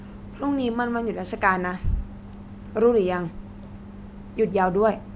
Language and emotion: Thai, frustrated